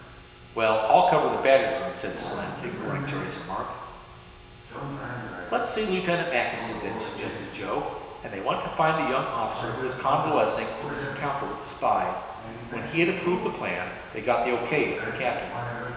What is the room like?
A big, echoey room.